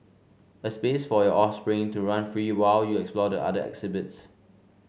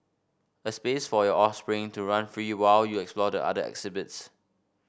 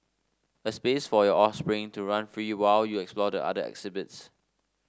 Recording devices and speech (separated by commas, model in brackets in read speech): mobile phone (Samsung C5), boundary microphone (BM630), standing microphone (AKG C214), read sentence